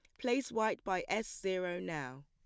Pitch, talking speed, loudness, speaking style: 190 Hz, 175 wpm, -37 LUFS, plain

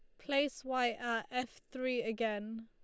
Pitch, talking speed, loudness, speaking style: 240 Hz, 150 wpm, -37 LUFS, Lombard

